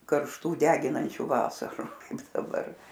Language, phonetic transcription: Lithuanian, karšˈtų ˈdeginančių ˈvasaru ˈkaip daˈbar

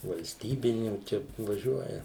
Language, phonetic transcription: Lithuanian, valsˈtybinių ˈčia vaˈžiuoja

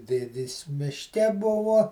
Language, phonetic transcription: Lithuanian, ˈdėdės mišˈke ˈbuvo

